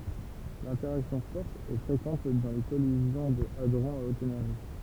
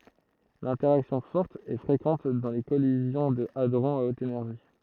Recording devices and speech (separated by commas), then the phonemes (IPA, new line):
temple vibration pickup, throat microphone, read sentence
lɛ̃tɛʁaksjɔ̃ fɔʁt ɛ fʁekɑ̃t dɑ̃ le kɔlizjɔ̃ də adʁɔ̃z a ot enɛʁʒi